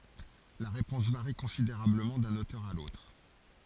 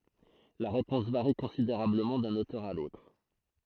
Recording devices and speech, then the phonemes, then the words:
forehead accelerometer, throat microphone, read sentence
la ʁepɔ̃s vaʁi kɔ̃sideʁabləmɑ̃ dœ̃n otœʁ a lotʁ
La réponse varie considérablement d'un auteur à l'autre.

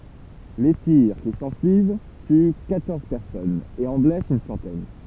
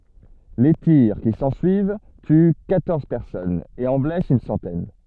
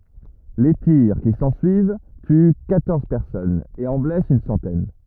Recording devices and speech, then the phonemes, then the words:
temple vibration pickup, soft in-ear microphone, rigid in-ear microphone, read sentence
le tiʁ ki sɑ̃syiv ty kwatɔʁz pɛʁsɔnz e ɑ̃ blɛst yn sɑ̃tɛn
Les tirs qui s'ensuivent tuent quatorze personnes et en blessent une centaine.

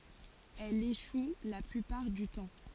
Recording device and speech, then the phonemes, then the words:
forehead accelerometer, read sentence
ɛl eʃu la plypaʁ dy tɑ̃
Elle échoue la plupart du temps.

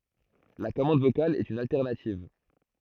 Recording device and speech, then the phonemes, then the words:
throat microphone, read sentence
la kɔmɑ̃d vokal ɛt yn altɛʁnativ
La commande vocale est une alternative.

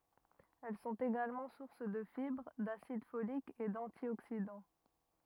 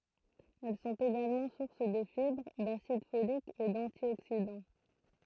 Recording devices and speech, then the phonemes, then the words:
rigid in-ear microphone, throat microphone, read sentence
ɛl sɔ̃t eɡalmɑ̃ suʁs də fibʁ dasid folik e dɑ̃tjoksidɑ̃
Elles sont également sources de fibres, d'acide folique et d'antioxydants.

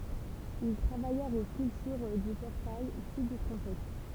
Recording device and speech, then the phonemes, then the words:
temple vibration pickup, read sentence
il tʁavajɛʁt o skyltyʁ dy pɔʁtaj syd dy tʁɑ̃sɛt
Ils travaillèrent aux sculptures du portail sud du transept.

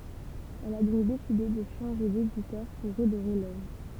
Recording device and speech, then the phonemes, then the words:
temple vibration pickup, read sentence
ɛl a dɔ̃k deside də ʃɑ̃ʒe deditœʁ puʁ ʁədoʁe lœvʁ
Elle a donc décidé de changer d'éditeur pour redorer l’œuvre.

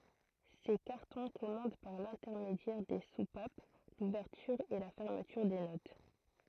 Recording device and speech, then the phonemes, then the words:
throat microphone, read sentence
se kaʁtɔ̃ kɔmɑ̃d paʁ lɛ̃tɛʁmedjɛʁ de supap luvɛʁtyʁ e la fɛʁmətyʁ de not
Ces cartons commandent par l'intermédiaire des soupapes l'ouverture et la fermeture des notes.

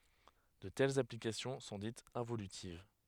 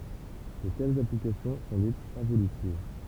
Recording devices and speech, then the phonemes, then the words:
headset microphone, temple vibration pickup, read sentence
də tɛlz aplikasjɔ̃ sɔ̃ ditz ɛ̃volytiv
De telles applications sont dites involutives.

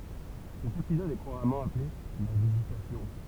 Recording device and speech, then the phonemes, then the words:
temple vibration pickup, read sentence
sɛt epizɔd ɛ kuʁamɑ̃ aple la vizitasjɔ̃
Cet épisode est couramment appelé la Visitation.

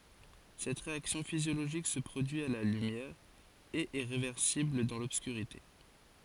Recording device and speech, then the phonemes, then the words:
forehead accelerometer, read sentence
sɛt ʁeaksjɔ̃ fizjoloʒik sə pʁodyi a la lymjɛʁ e ɛ ʁevɛʁsibl dɑ̃ lɔbskyʁite
Cette réaction physiologique se produit à la lumière, et est réversible dans l'obscurité.

